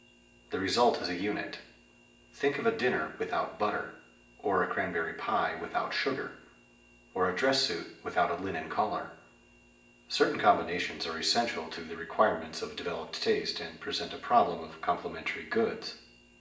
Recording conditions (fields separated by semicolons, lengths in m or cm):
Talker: one person; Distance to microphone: 1.8 m; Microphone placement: close; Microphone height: 1.0 m; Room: large; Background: none